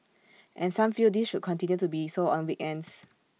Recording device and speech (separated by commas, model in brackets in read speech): mobile phone (iPhone 6), read sentence